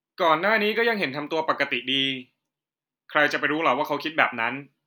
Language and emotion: Thai, neutral